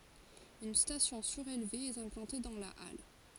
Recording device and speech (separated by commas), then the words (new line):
forehead accelerometer, read sentence
Une station surélevée est implantée dans la halle.